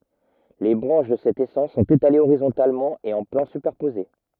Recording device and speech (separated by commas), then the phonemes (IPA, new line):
rigid in-ear microphone, read sentence
le bʁɑ̃ʃ də sɛt esɑ̃s sɔ̃t etalez oʁizɔ̃talmɑ̃ e ɑ̃ plɑ̃ sypɛʁpoze